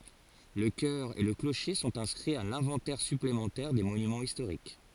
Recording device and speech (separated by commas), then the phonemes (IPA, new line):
forehead accelerometer, read sentence
lə kœʁ e lə kloʃe sɔ̃t ɛ̃skʁiz a lɛ̃vɑ̃tɛʁ syplemɑ̃tɛʁ de monymɑ̃z istoʁik